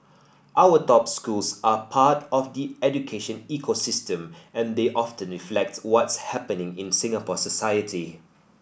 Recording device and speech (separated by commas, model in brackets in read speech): boundary microphone (BM630), read sentence